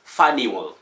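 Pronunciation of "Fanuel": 'Fanuel' is pronounced correctly here.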